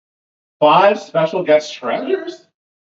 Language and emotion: English, disgusted